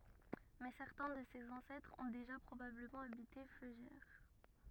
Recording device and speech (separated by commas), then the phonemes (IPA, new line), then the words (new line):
rigid in-ear microphone, read sentence
mɛ sɛʁtɛ̃ də sez ɑ̃sɛtʁz ɔ̃ deʒa pʁobabləmɑ̃ abite føʒɛʁ
Mais certains de ses ancêtres ont déjà probablement habité Feugères.